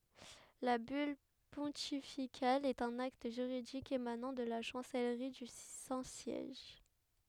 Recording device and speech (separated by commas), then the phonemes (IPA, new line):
headset microphone, read sentence
la byl pɔ̃tifikal ɛt œ̃n akt ʒyʁidik emanɑ̃ də la ʃɑ̃sɛlʁi dy sɛ̃ sjɛʒ